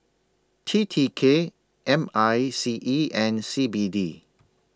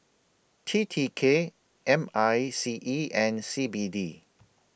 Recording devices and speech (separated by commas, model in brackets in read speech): standing microphone (AKG C214), boundary microphone (BM630), read sentence